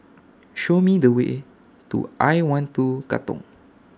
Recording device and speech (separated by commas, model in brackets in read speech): standing microphone (AKG C214), read sentence